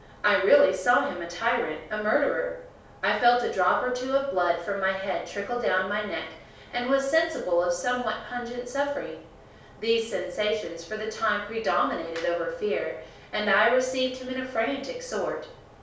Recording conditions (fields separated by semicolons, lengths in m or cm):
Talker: one person; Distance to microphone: 3.0 m; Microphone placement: far; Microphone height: 1.8 m; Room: small (3.7 m by 2.7 m); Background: none